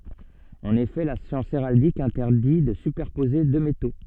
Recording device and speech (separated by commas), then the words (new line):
soft in-ear microphone, read sentence
En effet, la science héraldique interdit de superposer deux métaux.